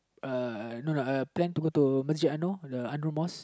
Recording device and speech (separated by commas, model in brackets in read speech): close-talking microphone, conversation in the same room